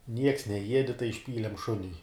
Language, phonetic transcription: Lithuanian, nieks neˈjiedi tai išˈpylem ˈšuniui

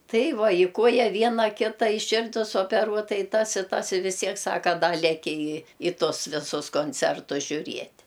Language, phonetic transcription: Lithuanian, ˈtai ˈva i ˈkuoja ˈviena ˈkita i ˈširdis opeˈruota i ˈtas i ˈtas i vis ˈtiek ˈsaka ˈda leˈki i i ˈtus ˈvisus konˈcertus žiuˈriet'

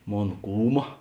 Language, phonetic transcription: Lithuanian, ˈmon ˈkūma

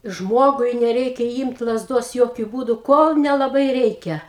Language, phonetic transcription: Lithuanian, ˈžmogui neˈreikia ˈymt lazˈdos ˈjokiu ˈbūdu ˈkol nelaˈbai ˈreikia

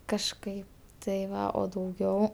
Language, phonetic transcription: Lithuanian, kažˈkai tai ˈva o dauˈgiau

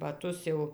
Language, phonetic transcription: Lithuanian, baˈtus jau

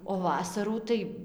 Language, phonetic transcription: Lithuanian, o ˈvasarų tai

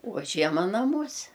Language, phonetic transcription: Lithuanian, o ˈžiema naˈmuose

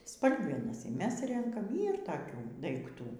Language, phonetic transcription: Lithuanian, ˈspalgenas y ˈmes ˈrenkam ˈyr toˈkių daikˈtų

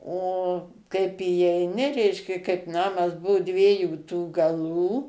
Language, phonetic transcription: Lithuanian, o kaip įeiˈni ˈreiškia kaip ˈnamas ˈbuvu ˈdviejų tų gaˈlų

